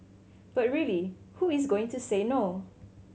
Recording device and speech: mobile phone (Samsung C7100), read sentence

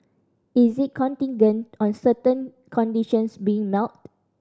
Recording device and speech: standing microphone (AKG C214), read sentence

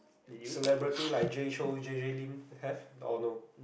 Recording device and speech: boundary microphone, conversation in the same room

